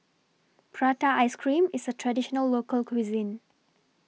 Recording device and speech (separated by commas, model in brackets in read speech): mobile phone (iPhone 6), read sentence